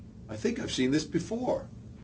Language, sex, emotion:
English, male, neutral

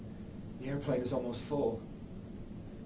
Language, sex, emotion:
English, male, neutral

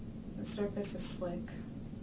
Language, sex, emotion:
English, female, neutral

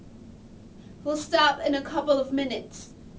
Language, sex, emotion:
English, female, disgusted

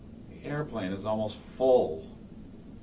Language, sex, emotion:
English, male, disgusted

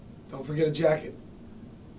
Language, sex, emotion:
English, male, neutral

